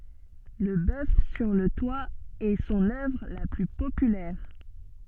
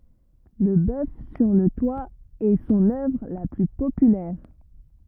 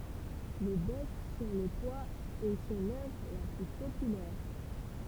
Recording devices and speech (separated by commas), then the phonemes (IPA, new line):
soft in-ear microphone, rigid in-ear microphone, temple vibration pickup, read sentence
lə bœf syʁ lə twa ɛ sɔ̃n œvʁ la ply popylɛʁ